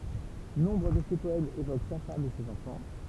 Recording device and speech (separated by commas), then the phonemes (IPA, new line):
temple vibration pickup, read sentence
nɔ̃bʁ də se pɔɛmz evok sa fam e sez ɑ̃fɑ̃